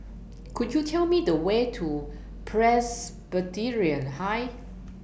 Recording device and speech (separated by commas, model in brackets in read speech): boundary microphone (BM630), read sentence